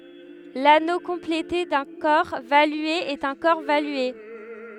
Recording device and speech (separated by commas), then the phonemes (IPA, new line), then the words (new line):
headset microphone, read sentence
lano kɔ̃plete dœ̃ kɔʁ valye ɛt œ̃ kɔʁ valye
L'anneau complété d'un corps valué est un corps valué.